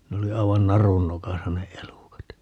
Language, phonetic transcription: Finnish, 'ne oli 'ai̮van "narun 'nokasa ne "elùkat .
- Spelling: ne oli aivan narun nokassa ne elukat

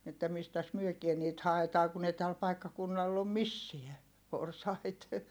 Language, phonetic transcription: Finnish, että mistäs myökie niit haetaa kun ‿ei täl paikkakunnall ‿om missiä , porsait » .
- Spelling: että mistäs mekin niitä haetaan kun ei tällä paikkakunnalla ole missään porsaita

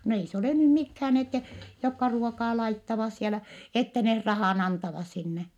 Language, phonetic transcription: Finnish, no ei se olè nym mikhään ettɛ , jokka ruokaa laittavas sielä , ettɛ neh rahàn antavas sinne .
- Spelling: no ei se ole nyt mikään että jotka ruokaa laittavat siellä että ne rahan antavat sinne

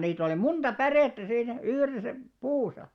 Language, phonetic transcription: Finnish, niit ‿oli 'munᴅa "pärèttä 'siinä , 'yhresä , 'puusa .
- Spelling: niitä oli monta pärettä siinä yhdessä puussa

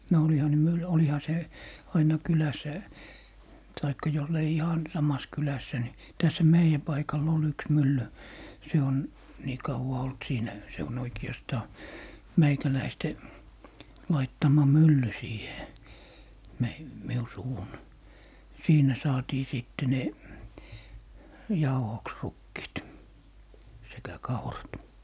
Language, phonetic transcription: Finnish, no oliha ne 'myl - oliha 'se , aina 'kyläs̀ä , taikka jollei "ihan 'samas 'kylässä ni , 'täshä "meijä 'paikal'l ‿ol yks 'mylly , 'se on , nii 'kauwa olt 'siinä , se on 'oiki₍astaa , "meikäläiste , 'laittama "mylly 'siihe , 'mei- , 'miu 'suwun , "siinä saatii 'sìtte ne , 'jauhoks "rukkiit , sekä "kaurat .
- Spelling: no olihan ne - olihan se aina kylässä tai jos ei ihan samassa kylässä niin tässähän meidän paikalla oli yksi mylly se on niin kauan ollut siinä se on oikeastaan meikäläisten laittama mylly siihen - minun suvun siinä saatiin sitten ne jauhoksi rukiit sekä kaurat

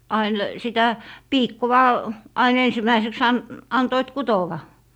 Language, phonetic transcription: Finnish, 'ain , 'sitä , "piikkowa , ain 'ensimäiseks an- , 'antoit "kutowa .
- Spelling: aina sitä piikkoa aina ensimmäiseksi - antoivat kutoa

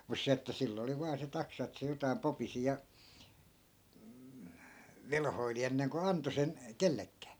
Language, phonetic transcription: Finnish, mus 'se että 'sill ‿oli vaa se 'taksa ettᵃ̈ se 'jotai̮m 'popisi ja , "velhoili 'enneŋko anto 'sen , "kellekkää .
- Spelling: mutta se että sillä oli vain se taksa että se jotakin popisi ja velhoili ennen kuin antoi sen kenellekään

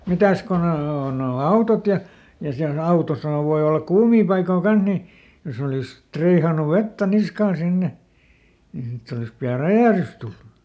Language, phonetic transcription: Finnish, ˈmitäs ko ˈne o noo noo "autot ja , ja siäˈl ‿autosahav̆ voi ollak "kuumii paikoo ˈkanh ni , ˈjos ‿olìs "triihanu ˈvettä ˈniskaan ˈsinne , nii ˈsitt ‿olis pi₍a "räjä̀hrys tullu .
- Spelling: mitäs kun ne on nuo nuo autot ja ja siellä autossahan voi olla kuumia paikkoja kanssa niin jos olisi triihannut vettä niskaan sinne niin sitten olisi pian räjähdys tullut

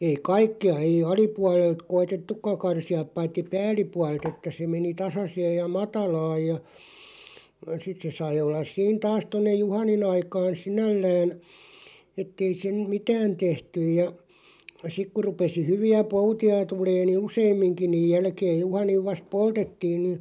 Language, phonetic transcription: Finnish, 'ei "kaikki₍a , 'ei "alipualelt "koitettuk̆ka 'karsi₍aᵖ 'paitti "pääl̆lipuaˡᵉl't ‿että se meni 'tasaseej ja "matalaaj ja , 'sit se 'sai ollas 'siin 'taas 'tonnej 'juhanin ‿aikaan̬ "sinällään , ettei sen , "mitään 'tehtyj ja , 'sik kuʳ 'rupesi 'hyvi₍ä "pouti₍a 'tulee ni "useem̆miŋki niiʲ 'jälkeej 'juhaniv 'vast "poltettiin ni ,.
- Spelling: ei kaikkia ei alapuolelta koetettukaan karsia paitsi päällipuolelta että se meni tasaisesti ja matalaan ja sitten se sai olla siinä taas tuonne juhanin aikaan sinällään että ei sen mitään tehty ja sitten kun rupesi hyviä poutia tulemaan niin useamminkin niin jälkeen juhanin vasta poltettiin niin

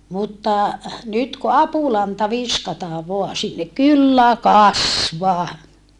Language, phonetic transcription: Finnish, mutta , nyt ku apulanta viskataa voa sinnek kyllä kasvaa .
- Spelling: mutta nyt kun apulanta viskataan vain sinne kyllä kasvaa

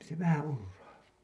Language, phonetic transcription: Finnish, p- , se 'vähää̰ "urraa .
- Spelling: - se vähän urraa

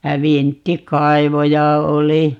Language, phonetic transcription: Finnish, jä 'vintti"kaivoja 'oli .
- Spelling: ja vinttikaivoja oli

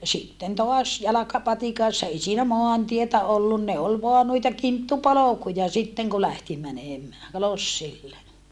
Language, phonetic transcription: Finnish, sitten toas , jalakapatikassa ei siinä moantietä ollun ne ol voa nuita kinttupolokuja sitteŋ ku lähti mänèmää , lossille .
- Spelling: sitten taas jalkapatikassa ei siinä maantietä ollut ne oli vain noita kinttupolkuja sitten kun lähti menemään lossille

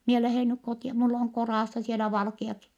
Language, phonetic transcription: Finnish, mie lähèn nyk kotia , mull oŋ koràssa sielä valkiaki . »
- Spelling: minä lähden nyt kotia minulla on kodassa siellä valkeakin

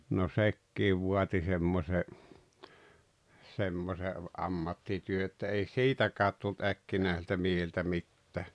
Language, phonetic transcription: Finnish, no "sekkiiv 'vuati semmośe , semmose , '’ammattityö että ei "siitäkäät tult 'äkkinääsiltä miehiltä 'mittää .
- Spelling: no sekin vaati semmoisen semmoisen ammattityön että ei siitäkään tullut äkkinäisiltä miehiltä mitään

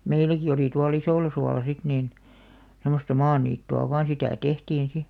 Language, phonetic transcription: Finnish, 'meiläki olì tual 'Isòlasuala 'sit niin , 'sem̆mosta "maaniittu₍a vaan sitä̀ 'tehtiin 'si .
- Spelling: meilläkin oli tuolla Isollasuolla sitten niin semmoista maaniittyä vain sitä tehtiin sitten

